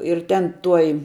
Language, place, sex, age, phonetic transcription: Lithuanian, Žemaitija, female, 18-60, ir ˈten ˈtuoj

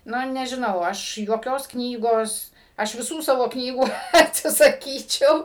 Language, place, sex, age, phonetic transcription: Lithuanian, Suvalkija, female, 60+, ˈnu nežiˈnau ˈaš juoˈkios ˈknygos ˈaš viˈsų ˈsavo ˈknygų ˈatsisaˈkyčiau

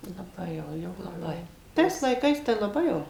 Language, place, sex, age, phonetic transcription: Lithuanian, Suvalkija, female, 60+, laˈbai jau jau laˈbai ˈtais laiˈkais tai laˈbai jau

